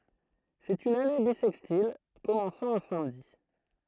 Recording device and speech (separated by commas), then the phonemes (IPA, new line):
throat microphone, read sentence
sɛt yn ane bisɛkstil kɔmɑ̃sɑ̃ œ̃ samdi